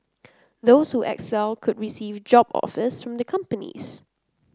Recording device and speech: close-talking microphone (WH30), read sentence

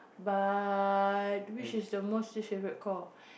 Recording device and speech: boundary microphone, conversation in the same room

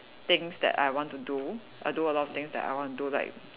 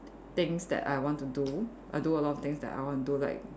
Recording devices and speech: telephone, standing microphone, conversation in separate rooms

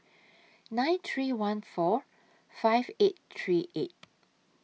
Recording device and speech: mobile phone (iPhone 6), read sentence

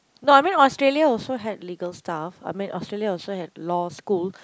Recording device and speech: close-talking microphone, conversation in the same room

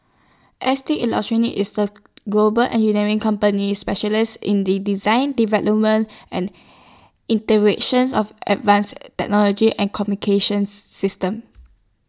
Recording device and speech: standing microphone (AKG C214), read sentence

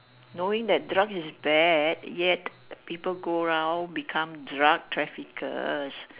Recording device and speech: telephone, conversation in separate rooms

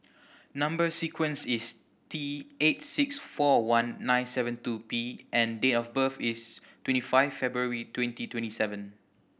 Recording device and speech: boundary microphone (BM630), read sentence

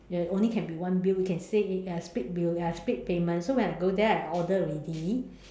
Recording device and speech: standing microphone, conversation in separate rooms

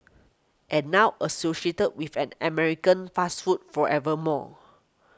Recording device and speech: close-talking microphone (WH20), read sentence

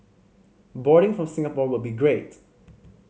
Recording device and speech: mobile phone (Samsung C5010), read sentence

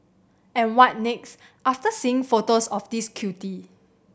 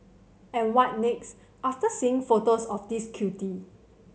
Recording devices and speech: boundary microphone (BM630), mobile phone (Samsung C7100), read sentence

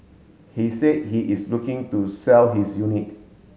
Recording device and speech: mobile phone (Samsung S8), read sentence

